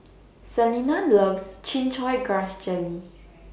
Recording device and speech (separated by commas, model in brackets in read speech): boundary microphone (BM630), read sentence